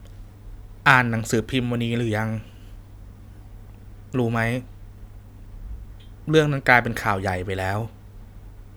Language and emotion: Thai, sad